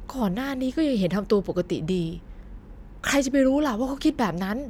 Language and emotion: Thai, frustrated